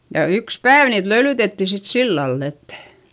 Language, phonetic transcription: Finnish, ja yks pääv niit löylytetti sit sillall ‿ettÄ .
- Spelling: ja yksi päivä niitä löylytettiin sitten sillä lailla että

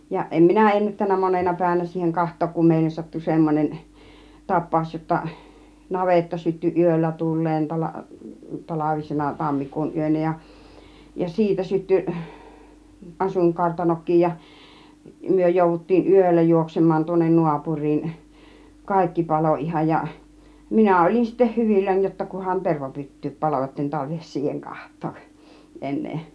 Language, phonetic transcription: Finnish, ja 'ˀem "minä ennättän̆nä 'monena pä̀ivänä siiheŋ 'kaht̆took kum 'mèi(lles) sattu 'semmon͕en , 'tap̆pàus jotta , 'navetta sytty 'ˀyöllä 'tul̆leen tala- , 'talavisena 'tammikuun 'yönä ja , ja 'siitä sytty , 'asuiŋkartanok̆kiij ja , 'myö jòuvut̀tiin "yöllä 'juoksem̆maan tuonnen 'nuapuŕ̆riin , "kàikki "palò 'ˀihaj ja , "minä ol͕in sittä "hyvilläń jotta kuhan 'tervapyt̀tyyp 'palo (°tten) tarvihes 'siiheŋ 'kaht̆tooˀ , 'en̆nee .
- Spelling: ja en minä ennättänyt monena päivänä siihen katsoa kun meille sattui semmoinen tapaus jotta navetta syttyi yöllä tuleen - talvisena tammikuun yönä ja ja siitä syttyi asuinkartanokin ja me jouduttiin yöllä juoksemaan tuonne naapuriin kaikki paloi ihan ja minä olin sitten hyvilläni jotta kunhan tervapyttykin paloi jotta en tarvitse siihen katsoa enää

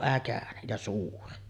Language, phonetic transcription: Finnish, 'äkänen , ja "suuri .
- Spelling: äkäinen ja suuri

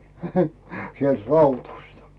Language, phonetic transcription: Finnish, sielt 'Rautᴜstᴀ .
- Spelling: sieltä Raudᴜsta

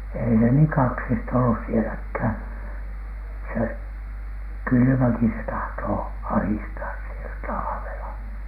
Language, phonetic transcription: Finnish, 'èi se niiŋ "kaksista ollus 'sieläkhä̀n , se , "kylymäki se tahtoo , "ahistaas sielä 'talavela .
- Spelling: ei se niin kaksista ollut sielläkään se kylmäkin se tahtoo ahdistaa siellä talvella

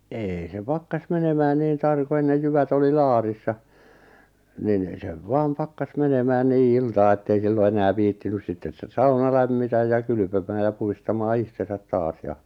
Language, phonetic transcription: Finnish, 'eei se 'pakkas 'menemään niin 'tarko ennej 'jyvät ‿oli "laarissa , nin , sev 'vaam "pakkas 'menemään 'nii 'iltaa ettei 'sillo 'enää 'viittinys 'sitten , s-'sauna lämmitäj ja 'kylʸpömää ja 'puhistamaa 'ihtesät "taas ja ,.
- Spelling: ei se pakkasi menemään niin tarkoin ennen jyvät oli laarissa niin sen vain pakkasi menemään niin iltaan että ei silloin enää viitsinyt sitten sauna lämmitä ja kylpemään ja puhdistamaan itsensä taas ja

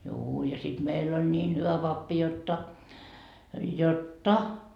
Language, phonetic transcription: Finnish, juu ja sit 'meill ‿oĺ 'ńiin hyvä 'pappi 'jotta , jot"ta .
- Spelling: juu ja sitten meillä oli niin hyvä pappi jotta jotta

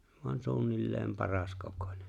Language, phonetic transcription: Finnish, voan 'suunnilleem 'paraskokońᴇ .
- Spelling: vain suunnilleen paraskokoinen

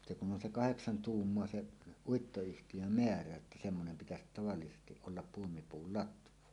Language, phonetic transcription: Finnish, 'se kun 'on se "kaheksan "tuummoa 'se' , 'Uitto₍yhti Jö"meärä että semmonem pitäsit tavallisestiˀ ˀollap 'puomipuul "latv̀àen .
- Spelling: se kun on se kahdeksan tuumaa se Uittoyhtiön määrä että semmoinen pitäisi tavallisesti olla puomipuun latvan

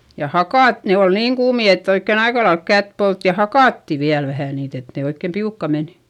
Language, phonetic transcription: Finnish, ja hakàt , ne ol niiŋ kuumi ett ‿oikken ‿aikalaelk kät polt - ja hakàtti viäl vähä̀ niit ‿et ne oikkèm piukka men .
- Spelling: ja hakata ne oli niin kuumia että oikein aika lailla kättä poltti ja hakattiin vielä vähän niitä että ne oikein piukkaan meni

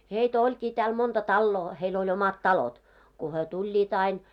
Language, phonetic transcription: Finnish, heitä 'oĺkii tääl monta "talloo , heil oĺ 'omat "talot , ku hyö 'tuĺĺiit ‿ain .
- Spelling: heitä olikin täällä monta taloa heillä oli omat talot kun he tulivat aina

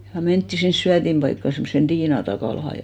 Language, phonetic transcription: Finnish, ja 'mentti sins 'syätimʙaikka , 'semssen "ᴅ#iina Takàlaha ja .
- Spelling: ja mentiin sinne syötinpaikkaan semmoiseen Tiina Takalaan ja

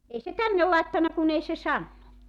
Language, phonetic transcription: Finnish, 'ei se 'tänne làettanna kun ‿ei se 'sannu .
- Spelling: ei se tänne laittanut kun ei se sanonut

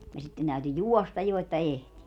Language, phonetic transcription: Finnish, ja 'sitten täyty "juɔstaj 'jo että "ehti .
- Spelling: ja sitten täytyi juosta jo että ehti

